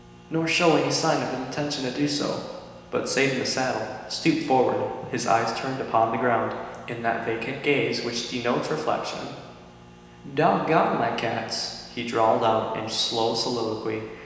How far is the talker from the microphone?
1.7 m.